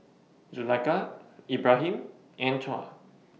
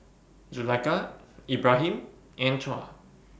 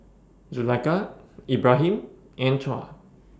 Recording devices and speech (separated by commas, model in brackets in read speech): mobile phone (iPhone 6), boundary microphone (BM630), standing microphone (AKG C214), read sentence